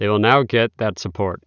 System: none